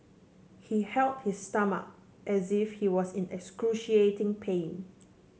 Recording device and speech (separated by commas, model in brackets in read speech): mobile phone (Samsung C7), read sentence